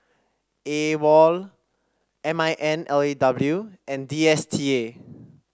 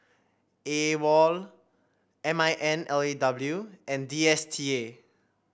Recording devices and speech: standing microphone (AKG C214), boundary microphone (BM630), read sentence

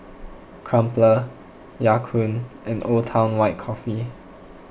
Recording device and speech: boundary microphone (BM630), read sentence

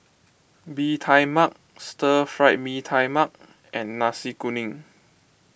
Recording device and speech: boundary microphone (BM630), read sentence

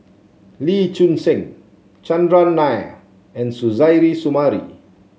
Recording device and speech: mobile phone (Samsung C7), read sentence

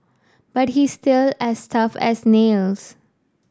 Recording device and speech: standing microphone (AKG C214), read sentence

